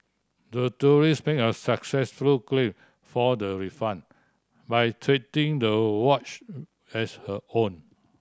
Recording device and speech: standing microphone (AKG C214), read sentence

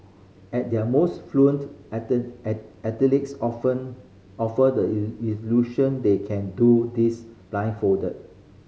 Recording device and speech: mobile phone (Samsung C5010), read sentence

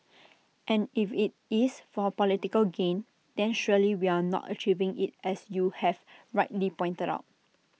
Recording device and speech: mobile phone (iPhone 6), read sentence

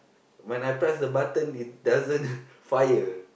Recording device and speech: boundary microphone, conversation in the same room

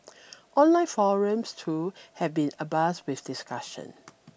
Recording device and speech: boundary microphone (BM630), read sentence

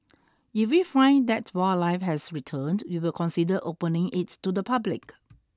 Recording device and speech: standing microphone (AKG C214), read sentence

